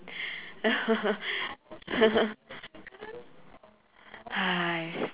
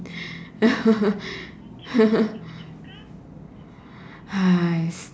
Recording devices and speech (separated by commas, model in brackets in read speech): telephone, standing microphone, conversation in separate rooms